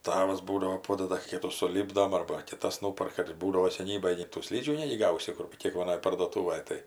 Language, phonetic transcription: Lithuanian, ˈtavas ˈbūdavo ˈpodada ˈkytų suˈlypdom arba kiˈtas ˈnuparka ir ˈbūdavo seˈnybaj nei tų ˈslydžių ˈnegi ˈgausi ˈkur kėkvaˈnoj parduoˈtūvaj ˈtai

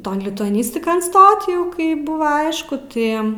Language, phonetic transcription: Lithuanian, ˈton lituaˈnistikon ˈstot ˈjau kai ˈbuva ˈaišku ˈtai

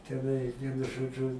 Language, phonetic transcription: Lithuanian, teˈnai ˈvienu ˈžodžu

